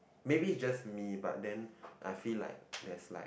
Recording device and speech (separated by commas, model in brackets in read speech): boundary microphone, conversation in the same room